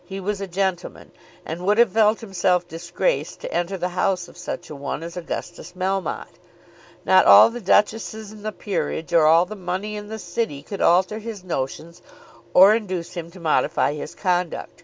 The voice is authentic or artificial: authentic